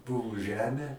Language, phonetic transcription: Lithuanian, ˈbuvu ˈžemė

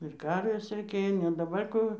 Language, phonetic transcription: Lithuanian, ir ˈkarvės reiˈkėjo ne daˈbar ˈkų

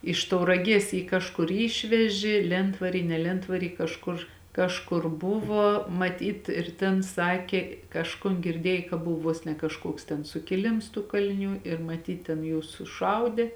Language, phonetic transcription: Lithuanian, iš tauraˈgies ˈjį kažˈkur ˈyšveži ˈlentvary ne ˈlentvary kažˈkur ˈkažˌkur ˈbuvo maˈtyt ir ˈtėn ˈsakė ˈkažkun girˈdiej ka ˈbuv ˈvuos ne kažˈkuoks ten sukiˈlims tų kaliˈnių ir maˈtyt ten ˈjūs suˈšaudė

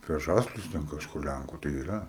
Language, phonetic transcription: Lithuanian, apie ˈžaslius ten kažˈkur ˈlænku tai yˈra

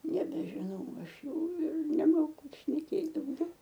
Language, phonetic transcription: Lithuanian, nebeˈžinau ˈaš ˈjau ir neˈmoku šneˈkėt dauˈgiau

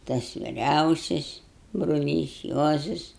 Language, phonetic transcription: Lithuanian, tas viˈriausis bruˈlys ˈjuozas

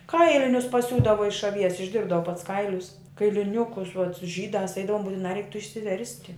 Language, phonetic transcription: Lithuanian, ˈkailinius paˈsiūdavo iš aˈvies išˈdirbdavo pats ˈkailius kailiˈniukus uat ˈžydās ˈeidavom butiˈnā ˈreik tų išsiˈversti

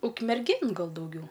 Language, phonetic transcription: Lithuanian, ukmerˈgėn ˈgal dauˈgiau

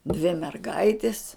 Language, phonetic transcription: Lithuanian, dvi merˈgaitis

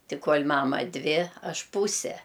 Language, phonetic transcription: Lithuanian, ˈti ˈkol' ˈmama ˈdvi ˈaš ˈpūse

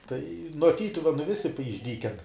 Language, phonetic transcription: Lithuanian, tai nuo ˈtytuvenu ˈvisi p išˈdyken

